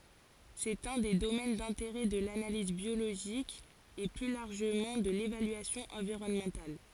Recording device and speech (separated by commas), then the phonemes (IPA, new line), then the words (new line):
forehead accelerometer, read sentence
sɛt œ̃ de domɛn dɛ̃teʁɛ də lanaliz bjoloʒik e ply laʁʒəmɑ̃ də levalyasjɔ̃ ɑ̃viʁɔnmɑ̃tal
C'est un des domaines d'intérêt de l'analyse biologique et plus largement de l'évaluation environnementale.